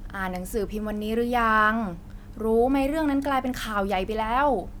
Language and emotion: Thai, frustrated